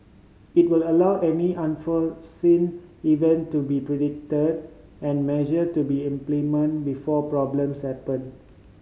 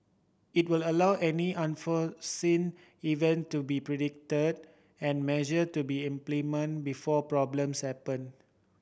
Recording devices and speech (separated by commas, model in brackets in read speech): mobile phone (Samsung C5010), boundary microphone (BM630), read sentence